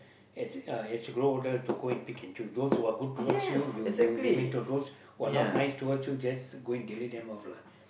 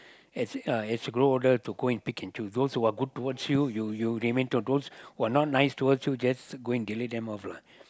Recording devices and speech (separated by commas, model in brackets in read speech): boundary microphone, close-talking microphone, conversation in the same room